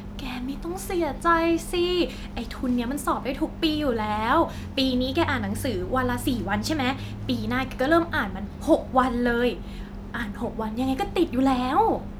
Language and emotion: Thai, happy